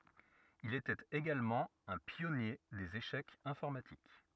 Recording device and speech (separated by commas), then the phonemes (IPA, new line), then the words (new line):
rigid in-ear microphone, read sentence
il etɛt eɡalmɑ̃ œ̃ pjɔnje dez eʃɛkz ɛ̃fɔʁmatik
Il était également un pionnier des échecs informatiques.